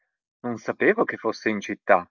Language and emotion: Italian, surprised